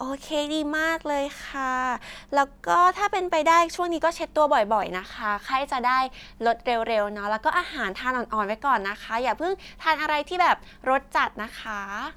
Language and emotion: Thai, happy